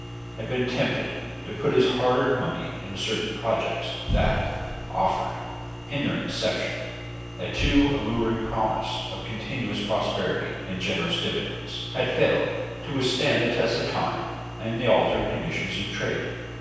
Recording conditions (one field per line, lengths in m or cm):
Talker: one person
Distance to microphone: 7.1 m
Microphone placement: far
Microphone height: 1.7 m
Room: very reverberant, large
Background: none